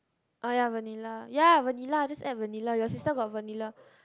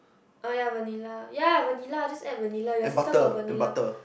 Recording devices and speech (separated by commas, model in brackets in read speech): close-talking microphone, boundary microphone, conversation in the same room